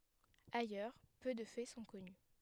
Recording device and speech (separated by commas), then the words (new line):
headset microphone, read sentence
Ailleurs peu de faits sont connus.